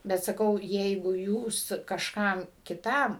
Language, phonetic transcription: Lithuanian, bet ˈsakau ˈjeigu ˈjūs kažˈkam kiˈtam

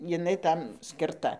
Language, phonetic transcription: Lithuanian, jiˈnai ˈtam skirˈta

